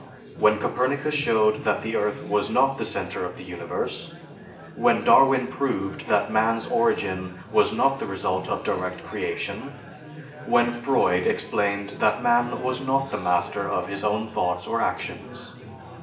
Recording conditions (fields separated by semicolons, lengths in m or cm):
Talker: one person; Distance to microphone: 1.8 m; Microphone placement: close; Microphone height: 1.0 m; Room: large; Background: babble